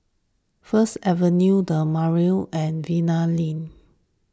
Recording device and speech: standing microphone (AKG C214), read sentence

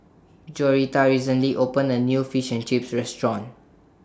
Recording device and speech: standing microphone (AKG C214), read sentence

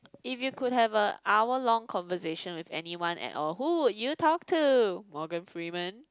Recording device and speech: close-talking microphone, conversation in the same room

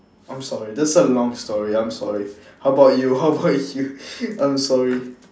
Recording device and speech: standing microphone, conversation in separate rooms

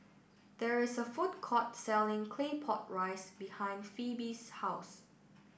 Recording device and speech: boundary microphone (BM630), read sentence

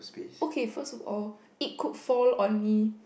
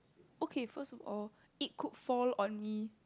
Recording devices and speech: boundary microphone, close-talking microphone, conversation in the same room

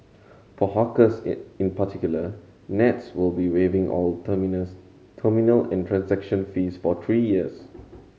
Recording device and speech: mobile phone (Samsung C7100), read sentence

